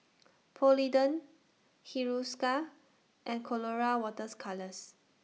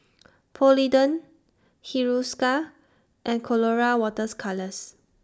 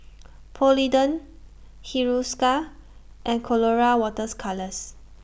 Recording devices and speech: mobile phone (iPhone 6), standing microphone (AKG C214), boundary microphone (BM630), read sentence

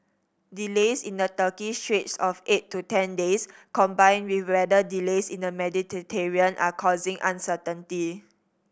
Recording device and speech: boundary microphone (BM630), read sentence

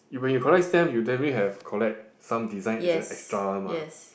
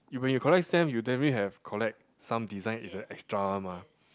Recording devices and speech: boundary microphone, close-talking microphone, conversation in the same room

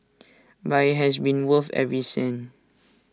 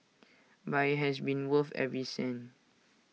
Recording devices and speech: standing microphone (AKG C214), mobile phone (iPhone 6), read sentence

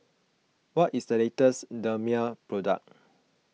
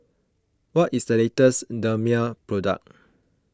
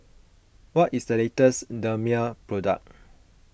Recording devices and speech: mobile phone (iPhone 6), close-talking microphone (WH20), boundary microphone (BM630), read sentence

